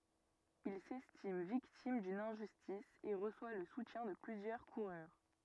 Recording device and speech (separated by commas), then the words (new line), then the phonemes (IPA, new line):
rigid in-ear microphone, read sentence
Il s'estime victime d'une injustice et reçoit le soutien de plusieurs coureurs.
il sɛstim viktim dyn ɛ̃ʒystis e ʁəswa lə sutjɛ̃ də plyzjœʁ kuʁœʁ